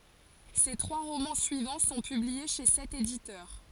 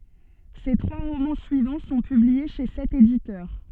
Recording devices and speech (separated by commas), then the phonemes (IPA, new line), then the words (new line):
forehead accelerometer, soft in-ear microphone, read sentence
se tʁwa ʁomɑ̃ syivɑ̃ sɔ̃ pyblie ʃe sɛt editœʁ
Ses trois romans suivants sont publiés chez cet éditeur.